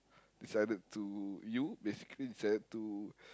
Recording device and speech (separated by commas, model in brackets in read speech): close-talking microphone, conversation in the same room